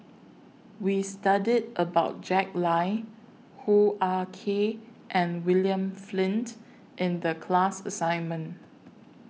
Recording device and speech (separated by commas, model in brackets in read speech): mobile phone (iPhone 6), read sentence